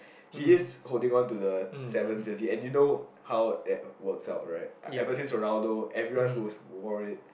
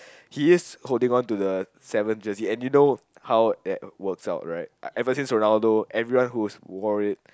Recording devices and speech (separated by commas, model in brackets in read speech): boundary microphone, close-talking microphone, conversation in the same room